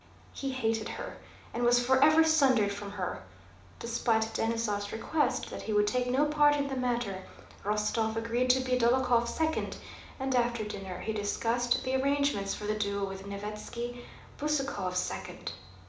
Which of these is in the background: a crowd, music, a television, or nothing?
Nothing.